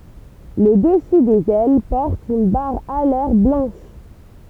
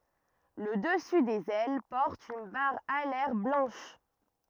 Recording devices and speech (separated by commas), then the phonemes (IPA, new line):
temple vibration pickup, rigid in-ear microphone, read sentence
lə dəsy dez ɛl pɔʁt yn baʁ alɛʁ blɑ̃ʃ